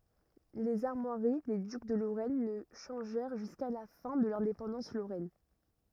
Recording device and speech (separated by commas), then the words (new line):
rigid in-ear microphone, read sentence
Les armoiries des ducs de Lorraine ne changèrent jusqu'à la fin de l'indépendance lorraine.